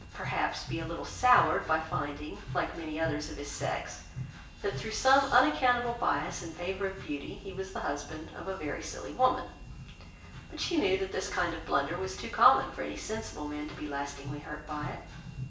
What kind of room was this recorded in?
A sizeable room.